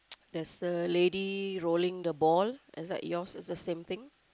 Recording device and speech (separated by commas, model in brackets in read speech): close-talking microphone, conversation in the same room